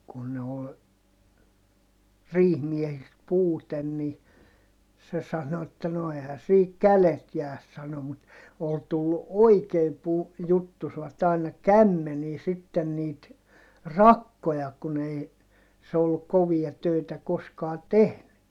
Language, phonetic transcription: Finnish, kun ne ol , riihmiɛhist puuten ni , se sano että » no ehä siik kälet jääs » sano mut , ol tullu oikeem pu- , juttusvat ‿aina - kämmenii sitten niit , rakkoja kun ‿ei , se olluk kovia tö̀itä koskaa tehny .
- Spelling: kun ne oli riihimiehistä puute niin se sanoi että no eihän siinä kädet jää sanoi mutta oli tullut oikein - juttusivat aina kämmeniin sitten niitä rakkoja kun ei se ollut kovia töitä koskaan tehnyt

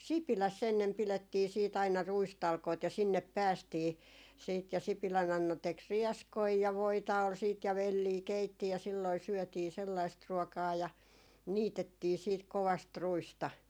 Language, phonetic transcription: Finnish, "Sipiläs's ‿ennem 'pilettii siit aina 'ruistalkoit ja 'sinnep "päästii siit ja 'Sipilä'n ‿Anna tek "riɛskoi ja 'voita ol siit ja "vellii 'keitti ja silloi 'syɔ̈̀tii 'sellaist 'ruɔkaa ja , 'niitettii siit 'kovast "ruista .
- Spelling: Sipilässä ennen pidettiin sitten aina ruistalkoita ja sinne päästiin sitten ja Sipilän Anna teki rieskoja ja voita oli sitten ja velliä keitti ja silloin syötiin sellaista ruokaa ja niitettiin sitten kovasti ruista

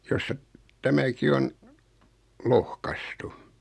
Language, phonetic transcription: Finnish, josta , 'tämäki on , 'lohkastu .
- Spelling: josta tämäkin on lohkaistu

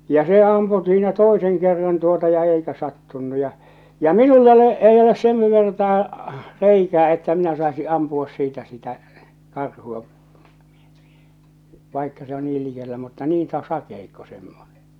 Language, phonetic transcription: Finnish, ja se "ampu siinä "toeseŋ kerran tuota ja 'eikä 'sattunnu ja , ja "minull ‿ole , 'ei oles 'sen vertaa , "reikää että minä saesi "ampuo̳s siitä sitä , 'karhuå , vàikka se on 'niil 'likellä mutta niin sa- 'sakeikko 'semmone .
- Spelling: ja se ampui siinä toisen kerran tuota ja eikä sattunut ja ja minulla ole ei ole sen vertaa reikää että minä saisin ampua siitä sitä karhua vaikka se on niin likellä mutta niin - sakeikko semmoinen

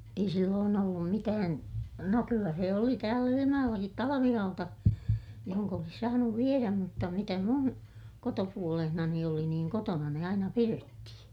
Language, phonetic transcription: Finnish, ei silloon ‿ollum mitään , no kyllä se oli tääl ‿Ilimajoʲellakit talavihauta , johoŋk ‿olis saanuv vieräm mutta mitä mun , kotopuolehnani oli niiŋ kotona ne aina pirettihiḭ .
- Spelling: ei silloin ollut mitään no kyllä se oli täällä Ilmajoellakin talvihauta johon olisi saanut viedä mutta mitä minun kotopuolessani oli niin kotona ne aina pidettiin

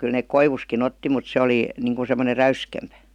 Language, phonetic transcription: Finnish, 'kyl nek "koivuski'n ‿otti mut se 'oli , 'niŋkun̬ semmoner̆ "räyskempÄ .
- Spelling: kyllä ne koivustakin otti mutta se oli niin kuin semmoinen räyskempi

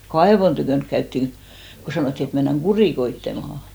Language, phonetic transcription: Finnish, "kaevon tykö̀nk käyttiŋ , ko 'sanòtti et mennäŋ "ɢurìkoittemahà .
- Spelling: kaivon tykönä käytiin kun sanottiin että mennään kurikoitsemaan

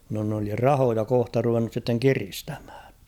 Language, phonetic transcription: Finnish, no n ‿oli "rahoja 'kohta ruvennus sitteŋ "kiristᴀ̈ᴍhᴀ̈ᴀ̈ᴊ .
- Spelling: no ne oli rahoja kohta ruvennut sitten kiristämään

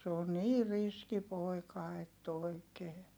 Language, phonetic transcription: Finnish, se on nii riski poi̮ka ett ‿òikee .
- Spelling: se on niin riski poika että oikein

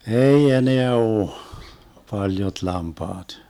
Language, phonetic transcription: Finnish, "ei 'eneä 'ooh , 'paljot 'lampaat .
- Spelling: ei enää ole paljot lampaat

